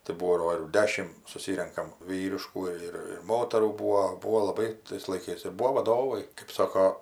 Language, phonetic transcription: Lithuanian, tai ˈbūdo ir ˈdešim suˈsyrenkam ˈvyriškų ir ir ˈmotarų ˈbūo ˈbūo laˈbai tais laiˈkais ir ˈbūvo vaˈdovai kɜp ˈsoko

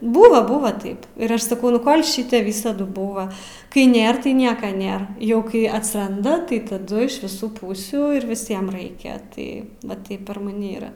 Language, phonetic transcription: Lithuanian, ˈbūva ˈbūva ˈtaip ir ˈaš saˈkau nu ˈkol' ˈšite ˈvysadu ˈbūva kai ˈnėr tai ˈnieka ˈnėr ˈjau ˈkai atsˈranda tai taˈdu iš viˈsų ˈpūsių ˈir viˈsiem ˈraikia ˈtai va ˈtaip per maˈni ˈyra

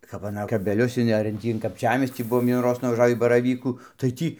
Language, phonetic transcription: Lithuanian, kap aˈna kabeˈlius in ar in ˈtį in kapˈčiamiestį ˈbuvom vienųˈroz nuvaˈžavį baraˈvykų tai ˈtį

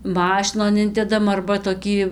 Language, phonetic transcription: Lithuanian, ˈmašinon ˈindedam arba toˈkį

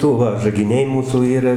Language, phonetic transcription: Lithuanian, ˈdu va žagiˈniai ˈmūsų ˈyra

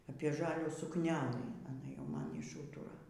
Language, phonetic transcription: Lithuanian, apie ˈžalių sukˈnelɨ aˈna jau ˈman išˈūtura

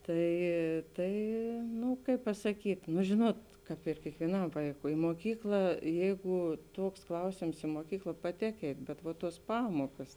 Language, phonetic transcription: Lithuanian, ˈtai ˈtai ˈnu ˈkaip pasaˈkyt' nu ˈžinuot ˈkāp ir kiekvieˈnam ˈvaikui moˈkykla ˈjeigu ˈtuoks ˈklausėms i moˈkykla paˈtėk ˈeit' bet va ˈtuos ˈpamuokas

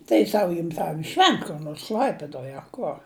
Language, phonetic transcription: Lithuanian, tai ˈsau ˈjim ten i ˈšvent kur ˈnors ˈkl'aipidoj a ˈkor

